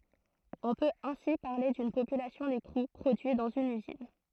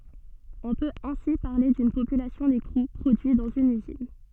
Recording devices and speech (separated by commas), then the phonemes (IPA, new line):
throat microphone, soft in-ear microphone, read sentence
ɔ̃ pøt ɛ̃si paʁle dyn popylasjɔ̃ dekʁu pʁodyi dɑ̃z yn yzin